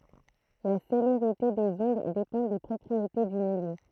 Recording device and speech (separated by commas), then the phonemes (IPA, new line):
throat microphone, read sentence
la seleʁite dez ɔ̃d depɑ̃ de pʁɔpʁiete dy miljø